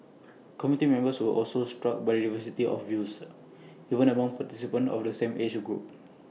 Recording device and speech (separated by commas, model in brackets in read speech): mobile phone (iPhone 6), read sentence